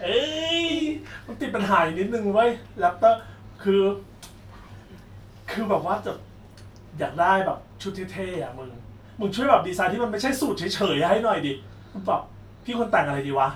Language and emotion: Thai, happy